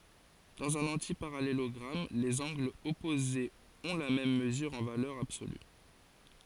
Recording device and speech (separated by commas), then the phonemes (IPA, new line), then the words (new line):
forehead accelerometer, read sentence
dɑ̃z œ̃n ɑ̃tipaʁalelɔɡʁam lez ɑ̃ɡlz ɔpozez ɔ̃ la mɛm məzyʁ ɑ̃ valœʁ absoly
Dans un antiparallélogramme, les angles opposés ont la même mesure en valeur absolue.